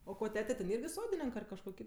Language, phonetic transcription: Lithuanian, o ˈko ˈtete ten ˈirgi ˈsodinink ar kažˈkuo ˈkit

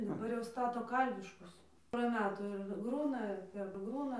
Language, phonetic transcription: Lithuanian, daˈbar jau ˈstato ˈkalviškus pora ˈmetų ˈir ˈgrūna ir perˈgrūna

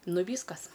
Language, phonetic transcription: Lithuanian, ˈnu ˈvyskas

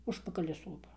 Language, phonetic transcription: Lithuanian, ˈužpakali ˈsopa

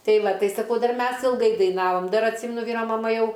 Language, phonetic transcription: Lithuanian, ˈtai ˈva ˈtai saˈkau dar ˈmes ilˈgai daiˈnavom ˈdar atˈsymenu ˈvyro maˈma ˈjau

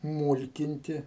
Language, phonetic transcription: Lithuanian, ˈmūlkinti

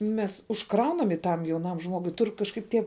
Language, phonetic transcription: Lithuanian, ˈmes užˈkraunam i ˈtam jauˈnam ˈžmogui ˈtur kažˈkaip ˈtie

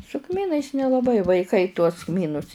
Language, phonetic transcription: Lithuanian, su ˈkmynais nelaˈbai vaiˈkai tuos ˈkmynus

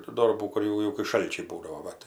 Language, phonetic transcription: Lithuanian, tų ˈdorbų kur ˈjau jau kai ˈšalčiai ˈbūdavo ˈva tai

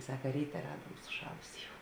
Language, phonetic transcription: Lithuanian, ˈsaka ˈryte ˈraduom suˈšalusė jau

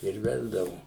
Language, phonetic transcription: Lithuanian, ir ˈvesdavu

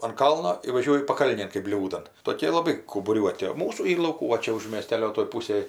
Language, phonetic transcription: Lithuanian, an ˈkalno i vaˈžiuoju paˈkalnėn kɜp ˈbliūdan toˈkė laˈbai kaubuˈriuoti o ˈmūsų ˈyr lauˈkų va ˈčia už mėˈstelio toj ˈpūsėj

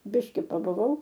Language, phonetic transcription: Lithuanian, ˈbiški pabuˈvau

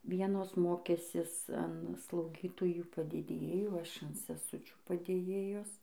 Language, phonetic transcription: Lithuanian, ˈvienos ˈmokęsis an slauˈgytojų padėdėˈjų ˈaš an seˈsučių padėˈjėjos

